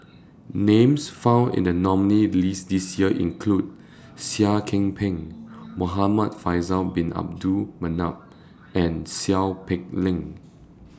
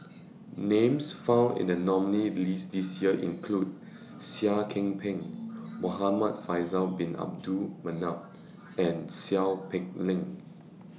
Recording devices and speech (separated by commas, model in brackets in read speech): standing microphone (AKG C214), mobile phone (iPhone 6), read sentence